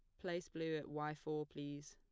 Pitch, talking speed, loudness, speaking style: 155 Hz, 210 wpm, -45 LUFS, plain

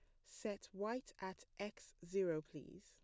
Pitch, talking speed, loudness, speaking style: 190 Hz, 140 wpm, -46 LUFS, plain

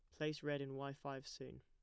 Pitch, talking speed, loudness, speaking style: 140 Hz, 255 wpm, -46 LUFS, plain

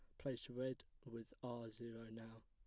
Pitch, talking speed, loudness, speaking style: 115 Hz, 160 wpm, -51 LUFS, plain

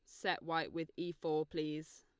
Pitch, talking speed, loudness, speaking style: 160 Hz, 200 wpm, -40 LUFS, Lombard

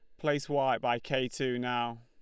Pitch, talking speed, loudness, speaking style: 130 Hz, 200 wpm, -32 LUFS, Lombard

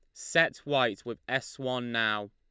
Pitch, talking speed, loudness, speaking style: 115 Hz, 170 wpm, -30 LUFS, Lombard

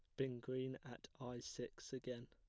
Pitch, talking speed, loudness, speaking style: 130 Hz, 175 wpm, -49 LUFS, plain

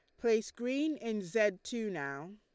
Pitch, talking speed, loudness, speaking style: 220 Hz, 165 wpm, -34 LUFS, Lombard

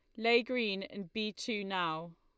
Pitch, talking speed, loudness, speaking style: 210 Hz, 180 wpm, -34 LUFS, Lombard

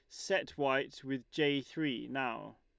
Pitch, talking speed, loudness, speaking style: 140 Hz, 150 wpm, -35 LUFS, Lombard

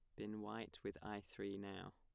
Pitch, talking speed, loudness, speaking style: 100 Hz, 205 wpm, -50 LUFS, plain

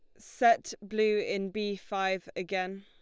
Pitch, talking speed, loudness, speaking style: 200 Hz, 140 wpm, -30 LUFS, Lombard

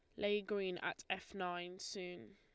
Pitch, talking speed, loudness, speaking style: 190 Hz, 165 wpm, -42 LUFS, Lombard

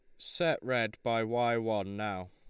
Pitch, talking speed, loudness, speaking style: 115 Hz, 170 wpm, -32 LUFS, Lombard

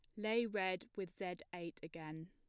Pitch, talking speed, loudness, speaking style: 185 Hz, 175 wpm, -43 LUFS, plain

